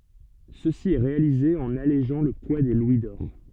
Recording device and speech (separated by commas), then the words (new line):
soft in-ear microphone, read sentence
Ceci est réalisé en allégeant le poids des louis d'or.